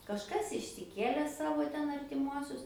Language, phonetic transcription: Lithuanian, kažˈkas išsiˈkėle ˈsavo ˈten artiˈmuosius

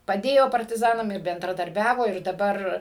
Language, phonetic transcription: Lithuanian, paˈdėjo partiˈzanam ir bendradarˈbiavo ir daˈbar

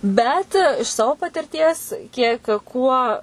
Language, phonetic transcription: Lithuanian, ˈbet iš ˈsavo patirˈties ˈkiek ˈkuo

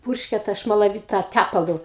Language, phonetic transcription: Lithuanian, ˈpurškia ta šmalaˈvyt ta ˈtæpalu

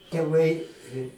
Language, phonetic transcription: Lithuanian, teˈvai

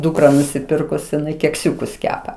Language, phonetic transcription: Lithuanian, ˈdūkra nusiˈpirkus jiˈnai kekˈsiūkus ˈkepa

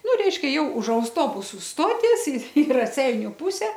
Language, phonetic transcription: Lithuanian, ˈnu ˈreiškia ˈjau už ausˈtobusu ˈstoties i i raˈseiniu ˈpuse

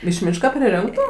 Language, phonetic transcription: Lithuanian, iš ˈmyška priˈrinktu

